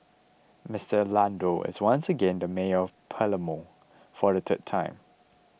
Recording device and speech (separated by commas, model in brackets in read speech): boundary microphone (BM630), read sentence